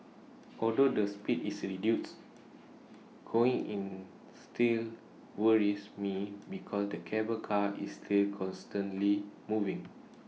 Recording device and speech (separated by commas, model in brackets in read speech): mobile phone (iPhone 6), read sentence